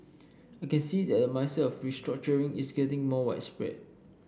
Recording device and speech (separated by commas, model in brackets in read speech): boundary microphone (BM630), read sentence